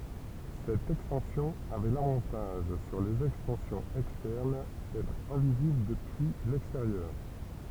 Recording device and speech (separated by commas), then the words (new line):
temple vibration pickup, read sentence
Cette extension avait l'avantage sur les extensions externes d'être invisible depuis l'extérieur.